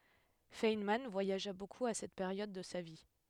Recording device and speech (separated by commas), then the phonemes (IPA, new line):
headset microphone, read sentence
fɛnmɑ̃ vwajaʒa bokup a sɛt peʁjɔd də sa vi